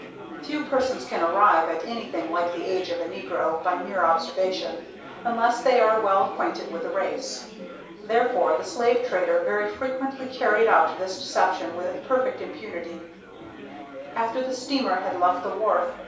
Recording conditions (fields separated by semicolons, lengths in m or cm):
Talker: one person; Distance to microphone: 3.0 m; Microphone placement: far; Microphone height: 1.8 m; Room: small (3.7 m by 2.7 m); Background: babble